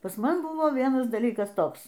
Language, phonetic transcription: Lithuanian, pas ˈman ˈbuvo ˈvienas daˈlykas ˈtoks

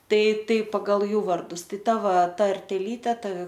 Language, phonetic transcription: Lithuanian, ˈtai ˈtai pagal ˈjų vardus ˈtai ˈta ˈva tarteˈlyte ˈta

